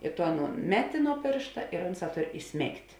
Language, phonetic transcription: Lithuanian, i to ˈanūn ˈmeˌti nuo ˈpėršta ir ˈunˌsā ˈtor iˈsmėgt'

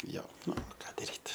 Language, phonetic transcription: Lithuanian, ˈjo ˈnu ˈką daˈryt

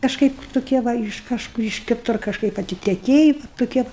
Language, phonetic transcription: Lithuanian, kažˈkaip toˈkie ˈva iš ˈkažkur iš kiˈtur kažˈkaip atiteˈkėji va toˈkie

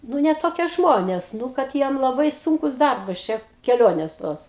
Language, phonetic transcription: Lithuanian, ˈnu ne toˈkie ˈžmonės ˈnu kad ˈjiem laˈbai ˈsunkus ˈdarbas čia keˈlionės ˈtos

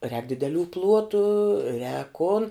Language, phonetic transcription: Lithuanian, rēk dideˈlių ˈpluotu rēk kun

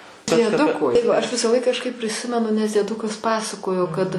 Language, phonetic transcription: Lithuanian, dieˈduko tai va aš visaˈlaik kažˈkaip priˈsimenu nes dieˈdukas ˈpasakojo kad

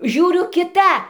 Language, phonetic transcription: Lithuanian, ˈžiūriu kiˈta

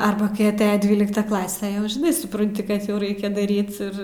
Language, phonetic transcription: Lithuanian, ˈarba kai aˈteja ˈdvylikta ˈklase jau žiˈnai supranˈti ˈkad jau ˈraikia daˈryt ˈir

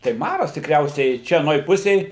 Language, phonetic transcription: Lithuanian, tai ˈmaras tikˈriausiai ˈčia aˈnoj ˈpusėj

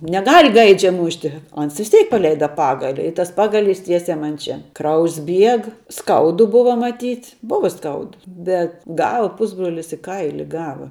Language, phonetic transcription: Lithuanian, neˈgal' ˈgaidžia ˈmušti o ˈans vis ˈteik paˈleida ˈpagali i ˈtas ˈpagaˌlys ˈtiesiai ˈman ˈčia ˈkraujs ˈbieg ˈskaudu ˈbuvo maˈtyt' ˈbuva ˈskaudu ˈbet ˈgal ˈpusbrolis i ˈkaili ˈgava

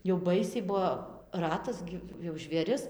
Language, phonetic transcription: Lithuanian, jau ˈbaisiai ˈbuo ˈratas gi jau žvėˈris

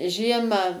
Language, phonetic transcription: Lithuanian, ˈžiemą

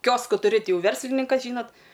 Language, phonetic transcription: Lithuanian, ˈkiosku tuˈri ˈti ˈjau ˈverslininkas ˈžynot

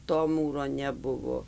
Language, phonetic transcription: Lithuanian, to ˈmūro neˈbuvo

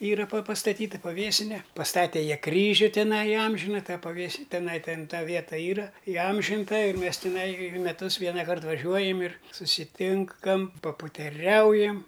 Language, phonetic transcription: Lithuanian, ˈyra pa pastaˈtyta paˈvėsine pasˈtate ˈjie ˈkryžiu tiˈnai iˈamžina ˈtą paˈvės tiˈnai ˈten ˈta ˈvieta ˈyra iˈamžinta ir mes tiˈnai ir meˈtus ˈvienakart vaˈžiuojam ir susiˈtinkam paputeˈriaujam

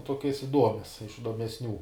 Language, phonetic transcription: Lithuanian, ˈtuokias iˈduomias iš idomesˈnių

